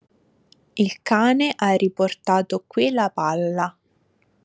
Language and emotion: Italian, neutral